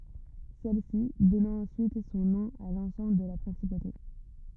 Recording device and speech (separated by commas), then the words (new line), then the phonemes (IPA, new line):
rigid in-ear microphone, read sentence
Celle-ci donnant ensuite son nom à l’ensemble de la principauté.
sɛlsi dɔnɑ̃ ɑ̃syit sɔ̃ nɔ̃ a lɑ̃sɑ̃bl də la pʁɛ̃sipote